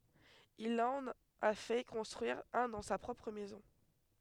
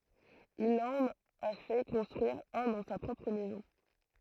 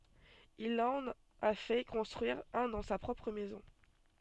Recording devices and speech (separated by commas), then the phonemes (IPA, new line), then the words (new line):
headset microphone, throat microphone, soft in-ear microphone, read sentence
il ɑ̃n a fɛ kɔ̃stʁyiʁ œ̃ dɑ̃ sa pʁɔpʁ mɛzɔ̃
Il en a fait construire un dans sa propre maison.